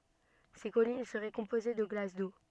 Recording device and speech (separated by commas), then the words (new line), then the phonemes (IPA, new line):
soft in-ear microphone, read sentence
Ces collines seraient composées de glace d’eau.
se kɔlin səʁɛ kɔ̃poze də ɡlas do